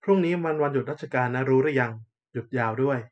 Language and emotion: Thai, neutral